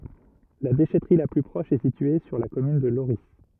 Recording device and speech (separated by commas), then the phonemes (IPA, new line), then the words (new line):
rigid in-ear microphone, read sentence
la deʃɛtʁi la ply pʁɔʃ ɛ sitye syʁ la kɔmyn də loʁi
La déchèterie la plus proche est située sur la commune de Lorris.